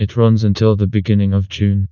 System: TTS, vocoder